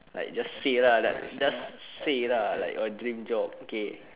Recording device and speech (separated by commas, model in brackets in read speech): telephone, conversation in separate rooms